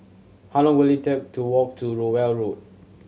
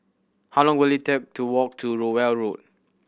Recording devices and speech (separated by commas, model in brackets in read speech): mobile phone (Samsung C7100), boundary microphone (BM630), read sentence